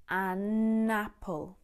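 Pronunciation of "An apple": In 'an apple', the n is carried over to connect with the vowel at the start of 'apple', and the two words are squashed together.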